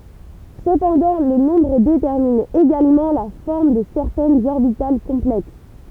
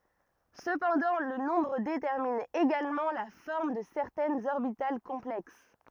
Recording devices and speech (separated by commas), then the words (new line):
temple vibration pickup, rigid in-ear microphone, read sentence
Cependant, le nombre détermine également la forme de certaines orbitales complexes.